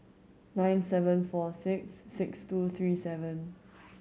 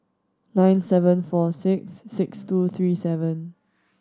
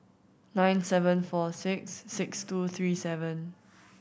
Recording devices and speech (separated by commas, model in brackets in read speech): mobile phone (Samsung C7100), standing microphone (AKG C214), boundary microphone (BM630), read sentence